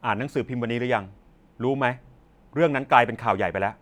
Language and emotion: Thai, frustrated